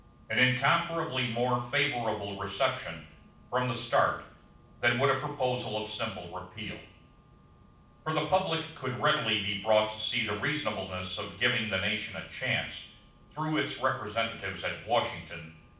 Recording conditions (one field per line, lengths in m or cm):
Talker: one person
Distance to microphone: 5.8 m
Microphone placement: far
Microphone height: 1.8 m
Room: medium-sized (5.7 m by 4.0 m)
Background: none